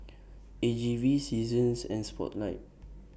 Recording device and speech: boundary microphone (BM630), read sentence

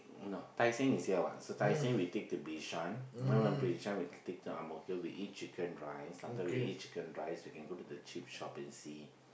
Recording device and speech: boundary microphone, conversation in the same room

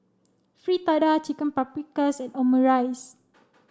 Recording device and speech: standing microphone (AKG C214), read sentence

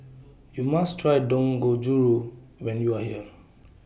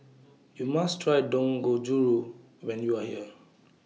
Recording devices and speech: boundary microphone (BM630), mobile phone (iPhone 6), read sentence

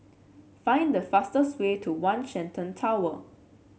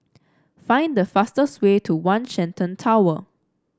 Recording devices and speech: mobile phone (Samsung C7), standing microphone (AKG C214), read sentence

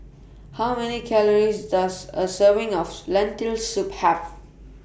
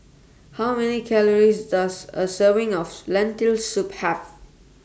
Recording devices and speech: boundary microphone (BM630), standing microphone (AKG C214), read sentence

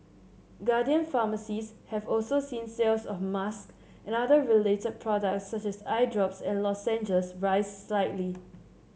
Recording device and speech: mobile phone (Samsung C7), read sentence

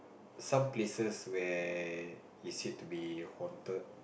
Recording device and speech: boundary microphone, conversation in the same room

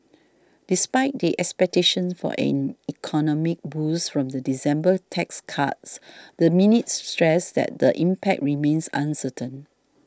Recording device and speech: standing microphone (AKG C214), read sentence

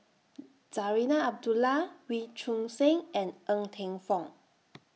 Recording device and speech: mobile phone (iPhone 6), read sentence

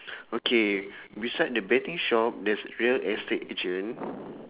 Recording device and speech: telephone, conversation in separate rooms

